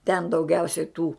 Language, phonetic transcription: Lithuanian, ten dauˈgiausiai tų

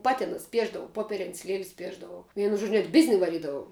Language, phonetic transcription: Lithuanian, ˈpati nusiˈpiešdavau ˈpoperin's' liel's' ˈpiešdavau ˈvienu žodž' net ˈbizni vaˈrydavau

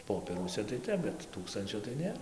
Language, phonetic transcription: Lithuanian, ˈpopieruose tai ˈtep bet ˈtūkstančio tai ˈnėr

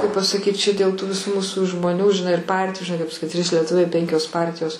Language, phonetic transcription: Lithuanian, kaip pasaˈkyt čia dėl tų viˈsų ˈmūsu žmoˈnių žiˈnai ir ˈpartiju žiˈnai kaip saˈkit trys lieˈtuviai ˈpenkios ˈpartijos

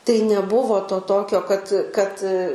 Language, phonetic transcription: Lithuanian, tai neˈbuvo to ˈtokio kad kad

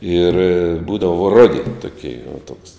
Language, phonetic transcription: Lithuanian, ir ˈbūdavo ˈrodi toˈkei u toks

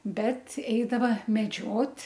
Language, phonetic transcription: Lithuanian, ˈbet ˈeidava meˈdžiot'

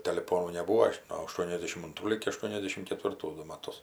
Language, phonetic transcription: Lithuanian, teliˈponų neˈbūo no aˈštuoniasdešim anˈtrų ligi aˈštuoniasdešim ketvirˈtų ˈdu maˈtus

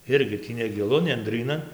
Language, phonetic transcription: Lithuanian, ˈirgi ˈtį negiˈlu nenˈdrynan

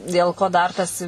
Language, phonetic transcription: Lithuanian, dėl ˈko ˈdar tas

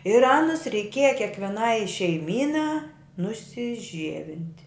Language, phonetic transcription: Lithuanian, ir ˈanus reiˈkieja kėkveˈnai šeiˈmynā nusiˈžievint'

